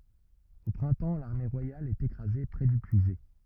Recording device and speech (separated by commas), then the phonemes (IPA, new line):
rigid in-ear microphone, read sentence
o pʁɛ̃tɑ̃ laʁme ʁwajal ɛt ekʁaze pʁɛ dy pyizɛ